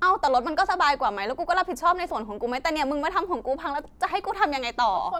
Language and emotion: Thai, angry